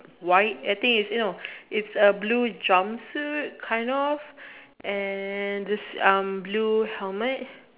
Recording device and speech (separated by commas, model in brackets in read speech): telephone, conversation in separate rooms